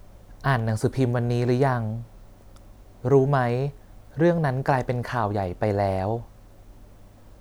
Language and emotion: Thai, neutral